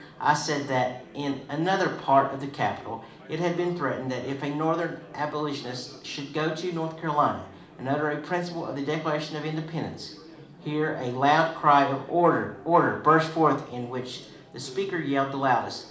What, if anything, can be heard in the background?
Crowd babble.